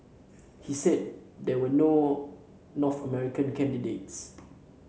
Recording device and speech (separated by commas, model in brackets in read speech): mobile phone (Samsung C7), read sentence